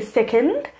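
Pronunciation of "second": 'Second' is pronounced incorrectly here.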